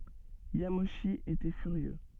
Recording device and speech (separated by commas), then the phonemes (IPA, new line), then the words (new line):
soft in-ear microphone, read sentence
jamoʃi etɛ fyʁjø
Yamauchi était furieux.